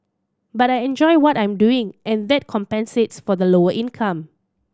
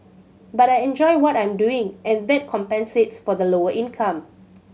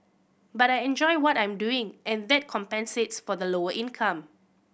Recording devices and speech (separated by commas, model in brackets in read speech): standing microphone (AKG C214), mobile phone (Samsung C7100), boundary microphone (BM630), read sentence